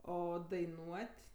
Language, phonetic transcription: Lithuanian, ˈo daiˈnuot'

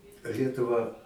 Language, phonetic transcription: Lithuanian, ˈlietuva

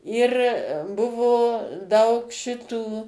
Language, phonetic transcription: Lithuanian, ir ˈbuvo ˈdaug ˈšitų

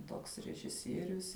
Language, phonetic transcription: Lithuanian, ˈtoks režiˈsierius

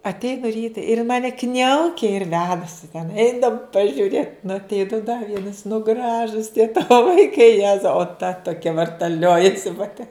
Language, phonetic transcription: Lithuanian, atˈeinu ˈryta ir in ˈmane ˈkniaukia ir ˈvedasi ten ˈeinam pažiuˈrėt nu atˈeinu da ˈvienas nu ˈgražus tie ˈtavo vaiˈkai ˈjezau o ta toˈkia vartaˈliojasi paˈte

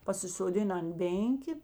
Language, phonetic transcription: Lithuanian, pasisoˈdina ant ˈbėnkė

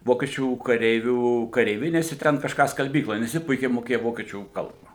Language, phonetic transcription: Lithuanian, ˈvokiečių kaˈreivių kareiˈvinėse ˈten kažˈką skalˈbykloj nes ˈji ˈpuikiai moˈkėja ˈvokiečių ˈkalba

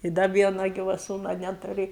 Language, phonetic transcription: Lithuanian, i ˈda ˈviena ˈgyva ˈsūna ˈneturi

